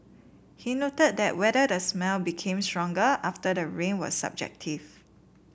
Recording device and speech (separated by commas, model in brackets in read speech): boundary microphone (BM630), read sentence